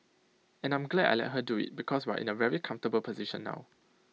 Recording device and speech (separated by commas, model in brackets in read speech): mobile phone (iPhone 6), read sentence